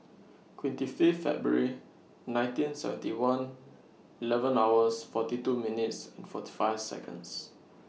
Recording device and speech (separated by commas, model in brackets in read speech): mobile phone (iPhone 6), read sentence